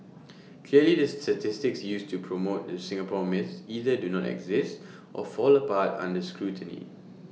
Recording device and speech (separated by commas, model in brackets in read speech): mobile phone (iPhone 6), read sentence